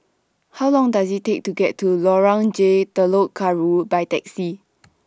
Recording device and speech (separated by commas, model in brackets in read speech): standing microphone (AKG C214), read sentence